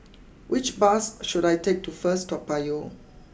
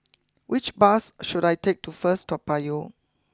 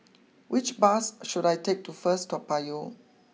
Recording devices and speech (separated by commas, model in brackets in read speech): boundary microphone (BM630), close-talking microphone (WH20), mobile phone (iPhone 6), read sentence